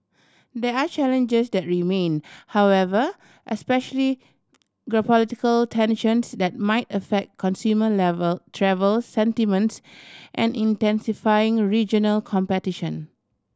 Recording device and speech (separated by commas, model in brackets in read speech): standing microphone (AKG C214), read sentence